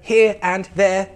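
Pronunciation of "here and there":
In 'here and there', the r at the end of 'here' is not pronounced or linked to 'and', so it sounds like a robot.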